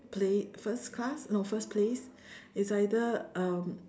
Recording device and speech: standing microphone, conversation in separate rooms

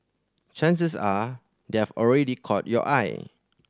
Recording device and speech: standing microphone (AKG C214), read sentence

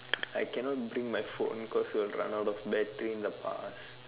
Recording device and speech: telephone, conversation in separate rooms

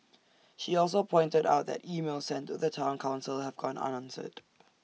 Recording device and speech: mobile phone (iPhone 6), read sentence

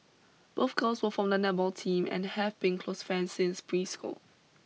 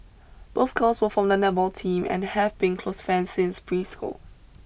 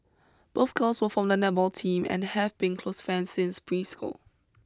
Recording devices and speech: mobile phone (iPhone 6), boundary microphone (BM630), close-talking microphone (WH20), read sentence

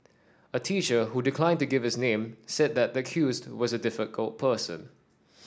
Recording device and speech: standing microphone (AKG C214), read sentence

